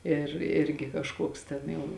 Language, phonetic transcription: Lithuanian, ir ˈirgi kažˈkuoks ˈten jau

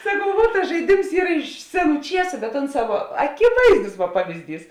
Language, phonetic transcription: Lithuanian, saˈkau vuot tas žaiˈdims ˈyr iš ˈseˌnų ˈčiesu bet ˈonˌsā vuo akiˈvaizdus vuo ˈpavizˌdys

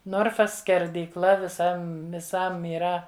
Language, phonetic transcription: Lithuanian, ˈnorfas skerdyˈkla viˈsam viˈsam yˈra

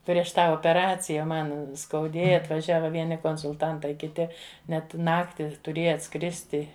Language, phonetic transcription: Lithuanian, prieš ˈtą opeˈracija ˈman skauˈdėja atvaˈžiava ˈvieni konsulˈtantai kiˈti ˈnet ˈnakti tuˈrėja atˈskristi

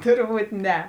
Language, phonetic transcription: Lithuanian, ˈturˌbūt ˈne

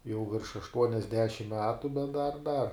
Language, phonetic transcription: Lithuanian, jau virš aštuoniasˈdešim ˈmetu bet dar dar

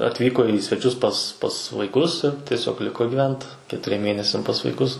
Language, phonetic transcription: Lithuanian, atˈvyko į sveˈčius pas pas vaiˈkus ir tieˈsiog ˈliko gyˈvent ketuˈriem ˈmėnesiam pas vaiˈkus

